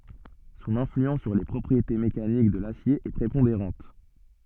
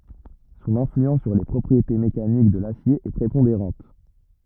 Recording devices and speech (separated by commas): soft in-ear microphone, rigid in-ear microphone, read sentence